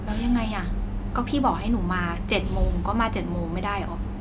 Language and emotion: Thai, frustrated